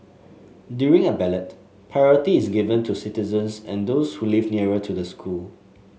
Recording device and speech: mobile phone (Samsung S8), read sentence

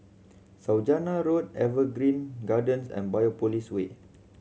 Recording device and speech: mobile phone (Samsung C7100), read sentence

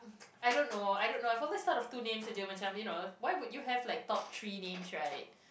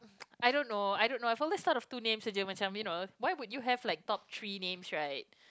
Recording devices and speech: boundary microphone, close-talking microphone, conversation in the same room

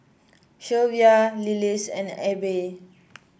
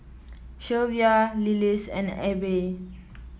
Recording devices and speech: boundary microphone (BM630), mobile phone (iPhone 7), read sentence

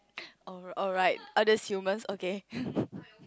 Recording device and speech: close-talking microphone, conversation in the same room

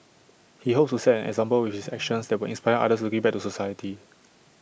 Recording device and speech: boundary microphone (BM630), read sentence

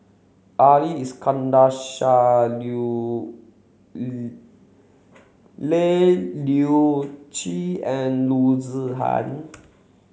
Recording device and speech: mobile phone (Samsung C7), read sentence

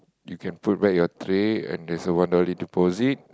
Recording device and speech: close-talking microphone, conversation in the same room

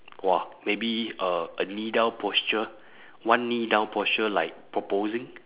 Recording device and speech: telephone, conversation in separate rooms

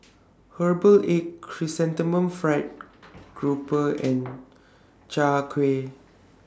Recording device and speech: standing microphone (AKG C214), read sentence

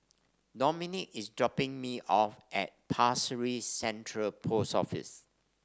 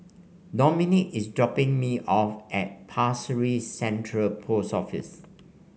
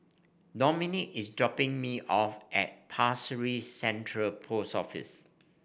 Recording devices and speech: standing microphone (AKG C214), mobile phone (Samsung C5), boundary microphone (BM630), read sentence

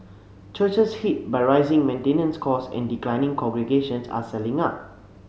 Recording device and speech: mobile phone (Samsung C7), read sentence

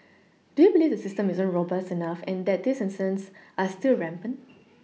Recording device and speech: mobile phone (iPhone 6), read sentence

